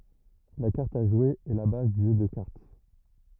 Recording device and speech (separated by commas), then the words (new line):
rigid in-ear microphone, read sentence
La carte à jouer est la base du jeu de cartes.